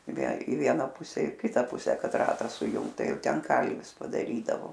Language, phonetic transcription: Lithuanian, i vie i ˈviena ˈpuse i ˈkita ˈpuse ˈkad ˈratą suˈjungt ˈtai ˈjau ˈten ˈkalvis padaˈrydavo

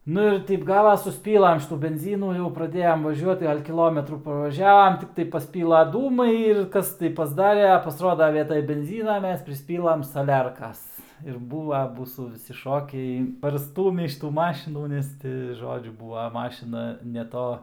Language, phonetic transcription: Lithuanian, ˈnu ir ˈteip ˈgavas susˈpylam ˈšitų benˈzynų jau praˈdėjam vaˈžiuot ˈgal' kiˈlometrų pavaˈžiavam ˈtiktai pasˈpyla ˈdūmai ir ˈkas tai pasˈdare a pasˈroda ˈvietaj benˈzyna ˈmes prisˈpylam saˈlerkas ir ˈbūva ˈmūsų viˈsi ˈšokiai parˈstūmį šiˈtų ˈmašinų ˈnes ti ˈžodžiu ˈbūva ˈmašina ne ˈto

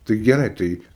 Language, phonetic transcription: Lithuanian, tai geˈrai ˈtai

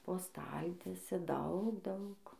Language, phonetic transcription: Lithuanian, po ˈstaltiese ˈdaug ˈdaug

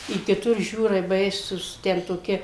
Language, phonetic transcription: Lithuanian, i kiˈtur ˈžiūrai ˈbaisūs ˈten toˈki

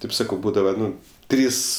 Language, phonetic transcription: Lithuanian, ˈtaip ˈsakau ˈbūdava ˈnu ˈtrys

